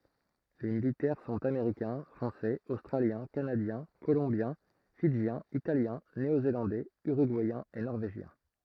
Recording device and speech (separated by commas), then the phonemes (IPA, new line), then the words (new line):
throat microphone, read sentence
le militɛʁ sɔ̃t ameʁikɛ̃ fʁɑ̃sɛz ostʁaljɛ̃ kanadjɛ̃ kolɔ̃bjɛ̃ fidʒjɛ̃z italjɛ̃ neozelɑ̃dɛz yʁyɡuɛjɛ̃z e nɔʁveʒjɛ̃
Les militaires sont américains, français, australiens, canadiens, colombiens, fidjiens, italiens, néo-zélandais, uruguayens et norvégiens.